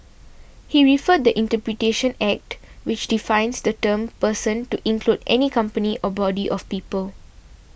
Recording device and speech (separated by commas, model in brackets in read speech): boundary microphone (BM630), read sentence